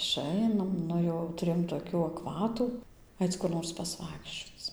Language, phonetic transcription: Lithuanian, iˈšainam ˈnu jau tuˈrėjom toˈkių akˈvatų ˈaic kur ˈnors pasˈvaikščioc

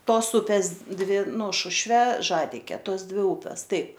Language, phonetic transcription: Lithuanian, ˈtos ˈupės ˈdvi ˈnu ˈšušve ˈžadike ˈtos ˈdvi ˈūpes ˈtaip

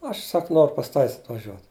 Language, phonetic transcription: Lithuanian, ˈaš ˈsak ˈnoru pas ˈtavis atvaˈžiuot

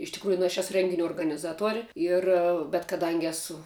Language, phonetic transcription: Lithuanian, iš tikˈrųju nu aš ˈesu ˈrenginiu organiˈzatuor' ˈir bet kaˈdangi ˈesu

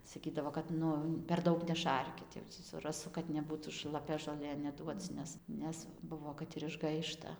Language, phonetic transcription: Lithuanian, saˈkydavo kad ˈnu per ˈdaug neˈšarkit jau tį su raˈsu kad neˈbūtų šlaˈpia žoˈlė neˈduoc ˈnes ˈnes ˈbuvo ˈkad ir išˈgaišta

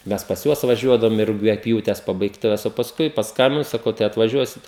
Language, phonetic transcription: Lithuanian, ˈmes pas ˈjuos vaˈžiuodavum i rugiaˈpjūtes pabaigˈtuves o pasˈkui pasˈkambinu saˈkau tai atvaˈžiuosit

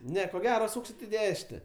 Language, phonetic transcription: Lithuanian, ˈne ko ˈgero ˈsūksit i ˈdešine

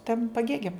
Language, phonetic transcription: Lithuanian, tam paˈgėgiam

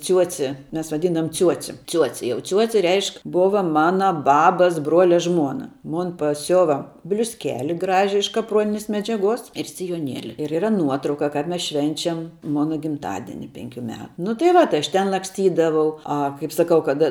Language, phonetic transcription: Lithuanian, ˈciuoci ˈmes vaˈdyndavom ˈciuoci ˈciuoci jau ˈciuoci ˈreišk ˈbova ˈmana ˈbabas ˈbruolia ˈžmuona ˈmon paˈsiuva bliusˈkeli ˈgraži iš kapˈruoninės medžiaˈguos ir sijoˈnieli ir yˈra ˈnuotrauka kap ˈmes ˈšvenčiam ˈmona gimˈtadini ˈpenˌkiu ˈme nu tai ˈva tai ˌaš ˈten laksˈtydavau ˈa kaip saˈkau kad

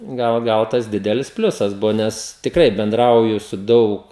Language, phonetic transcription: Lithuanian, ˈgal ˈgal tas ˈdidelis ˈpliusas ˈbuvo ˈnes tikˈrai benˈdrauju su ˈdaug

